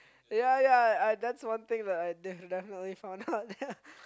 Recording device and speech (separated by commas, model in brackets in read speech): close-talking microphone, conversation in the same room